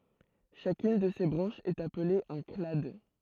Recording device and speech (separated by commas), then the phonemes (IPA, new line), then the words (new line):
throat microphone, read sentence
ʃakyn də se bʁɑ̃ʃz ɛt aple œ̃ klad
Chacune de ces branches est appelée un clade.